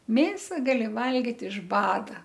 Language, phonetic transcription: Lithuanian, ˈmėsa gaˈli ˈvalgit iš ˈbada

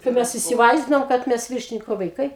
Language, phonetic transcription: Lithuanian, tai ˈmes isiˈvaizdinom kad ˈmes ˈviršiniko vaiˈkai

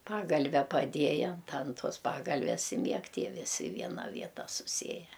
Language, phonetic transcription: Lithuanian, ˈpagalve paˈdieja ant an ˈtuos paˈgalves i ˈmieg ˈtie viˈsi i ˈviena ˈvieta suˈsieje

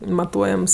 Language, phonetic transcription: Lithuanian, maˈtuojams

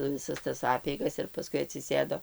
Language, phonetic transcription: Lithuanian, viˈsas tas ˈapeigas ir paˈskui atsiˈsėdo

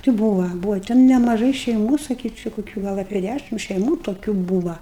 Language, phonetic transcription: Lithuanian, ti ˈbūva ˈbūva ten nemaˈžai šeiˈmų saˈkyčiu kuˈkių ˈgal apie ˈdæšim šeiˈmų toˈkių ˈbūva

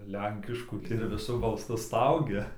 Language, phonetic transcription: Lithuanian, ˈlenkiškų ir viˈsu balˈsu ˈstaugia

